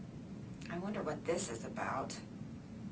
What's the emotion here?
fearful